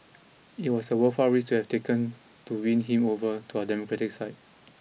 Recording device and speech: mobile phone (iPhone 6), read sentence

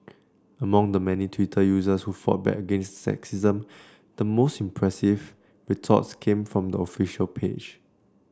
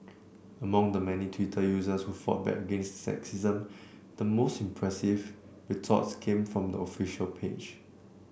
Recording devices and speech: standing microphone (AKG C214), boundary microphone (BM630), read sentence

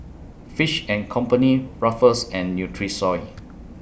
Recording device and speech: boundary microphone (BM630), read sentence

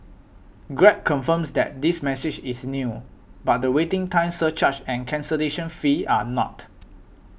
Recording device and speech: boundary microphone (BM630), read sentence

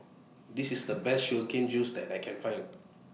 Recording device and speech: mobile phone (iPhone 6), read sentence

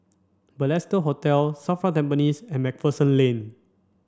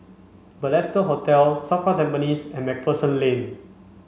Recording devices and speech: standing microphone (AKG C214), mobile phone (Samsung C5), read sentence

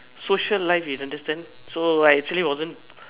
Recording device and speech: telephone, conversation in separate rooms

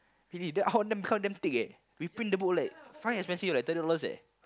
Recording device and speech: close-talking microphone, conversation in the same room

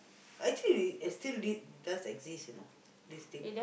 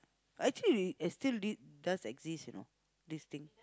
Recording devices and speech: boundary microphone, close-talking microphone, conversation in the same room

